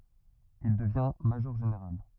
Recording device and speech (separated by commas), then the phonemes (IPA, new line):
rigid in-ear microphone, read sentence
il dəvjɛ̃ maʒɔʁʒeneʁal